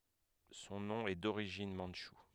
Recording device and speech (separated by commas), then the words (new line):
headset microphone, read sentence
Son nom est d'origine mandchoue.